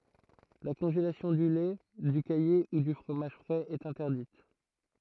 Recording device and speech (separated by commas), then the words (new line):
throat microphone, read sentence
La congélation du lait, du caillé ou du fromage frais est interdite.